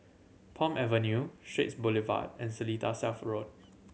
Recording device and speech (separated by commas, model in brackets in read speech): mobile phone (Samsung C7100), read sentence